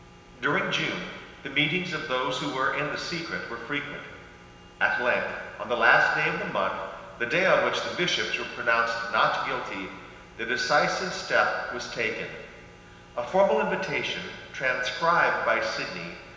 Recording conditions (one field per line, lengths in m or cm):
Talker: one person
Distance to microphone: 1.7 m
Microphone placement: close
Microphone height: 1.0 m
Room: very reverberant, large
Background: none